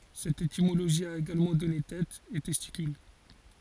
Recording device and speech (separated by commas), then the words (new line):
forehead accelerometer, read sentence
Cette étymologie a également donné têt, et testicule.